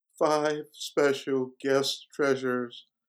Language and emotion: English, fearful